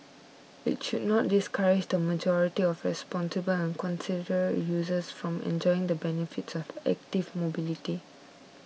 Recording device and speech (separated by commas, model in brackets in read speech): mobile phone (iPhone 6), read sentence